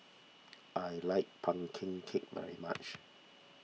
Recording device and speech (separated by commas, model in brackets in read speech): mobile phone (iPhone 6), read sentence